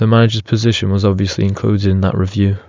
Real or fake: real